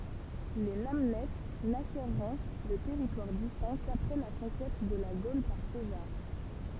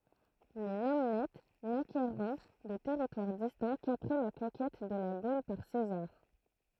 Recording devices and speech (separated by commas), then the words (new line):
temple vibration pickup, throat microphone, read sentence
Les Namnètes n'acquerront de territoire distinct qu'après la conquête de la Gaule par César.